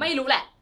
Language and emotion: Thai, angry